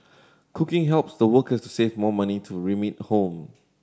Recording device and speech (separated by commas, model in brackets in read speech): standing microphone (AKG C214), read sentence